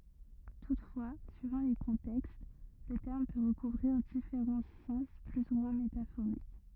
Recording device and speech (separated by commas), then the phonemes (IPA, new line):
rigid in-ear microphone, read sentence
tutfwa syivɑ̃ le kɔ̃tɛkst lə tɛʁm pø ʁəkuvʁiʁ difeʁɑ̃ sɑ̃s ply u mwɛ̃ metafoʁik